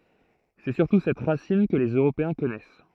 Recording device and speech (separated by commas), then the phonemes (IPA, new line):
throat microphone, read sentence
sɛ syʁtu sɛt ʁasin kə lez øʁopeɛ̃ kɔnɛs